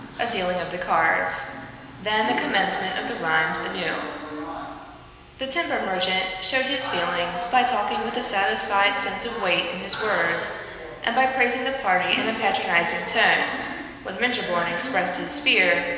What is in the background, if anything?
A television.